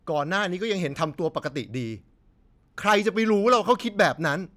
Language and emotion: Thai, angry